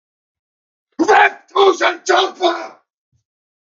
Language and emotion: English, angry